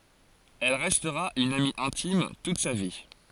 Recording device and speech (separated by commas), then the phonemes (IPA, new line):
forehead accelerometer, read sentence
ɛl ʁɛstʁa yn ami ɛ̃tim tut sa vi